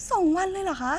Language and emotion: Thai, happy